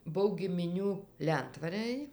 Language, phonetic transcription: Lithuanian, ˈbuv gimiˈnių ˈlentvarəj

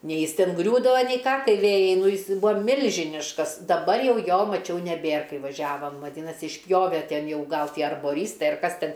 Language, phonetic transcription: Lithuanian, ˈnei ˈjis ˈten ˈgriūdava nei ˈką ˈtie ˈvėjai ˈnū ˈjis ˈbuvo ˈmilžiniškas daˈbar ˈjau ˈjo maˈčiau neˈbėr ˈkai vaˈžiavam vaˈdynasi išˈpjove ˈten ˈjau ˈgal ˈtie arboˈrystai ar ˈkas ˈten

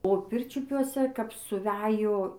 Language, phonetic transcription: Lithuanian, o ˈpirčiupiuose kap suˈvejo

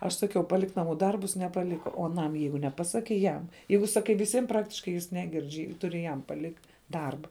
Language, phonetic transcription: Lithuanian, aš ˈsaˌkiau paˈlik naˈmų ˈdarbus nepaˈlika o aˈnam ˈjeigu neˈpasakei ˈjam ˈjeigu saˈkai viˈsim ˈpraktiškai jis ˈneˌgirdž' ˈturi jam paˈlikt' ˈdarba

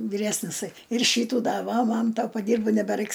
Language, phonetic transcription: Lithuanian, viˈresnisai ir ˈšytų da ˈva ˈman ta paˈdyrbo nebeˈraiks

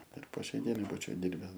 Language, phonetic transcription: Lithuanian, ir po ˈšiai ˈdienai ˈbūčiau ˈdirbes

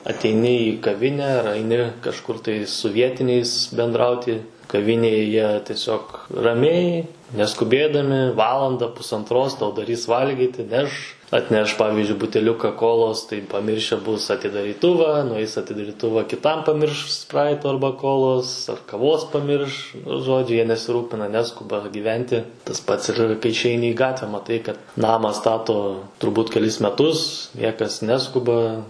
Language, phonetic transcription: Lithuanian, ateiˈni į kaˈvine ar aiˈni kažˈkur tai su ˈvietiniais bendˈrauti kaˈvinėje ˈjie tieˈsiog raˈmiai neskuˈbėdami ˈvalanda pusantˈros tau daˈrys ˈvalgyti ˈneš atˈneš ˈpavizdžiui buteˈliuka ˈkolos tai paˈmirše bus atidaryˈtuvą nuˈeis atidariˈtuva kiˈtam paˈmirš ˈspraito ˈarba ˈkolos ar kaˈvos paˈmirš nu ˈžodžiu ˈjie ne nesiˈrūpina ˈneskuba gyˈventi tas ˈpats ir kai išˈeini į ˈgatvę maˈtai kad ˈnama ˈstato turˈbūt keˈlis meˈtus ˈniekas ˈneskuba

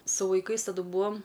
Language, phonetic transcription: Lithuanian, su vaiˈkais taˈdu ˈbūam

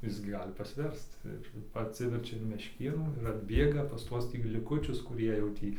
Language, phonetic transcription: Lithuanian, ˈis gi ˈgali pasˈversc ir atˈsiverčia in mešˈkėnų ir atˈbėga pas ˈtuos liˈkučius kuˈrie jau ˈtį

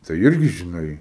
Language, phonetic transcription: Lithuanian, tai ˈirgi žiˈnai

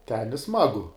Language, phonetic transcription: Lithuanian, ten i ˈsmagu

